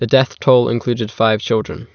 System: none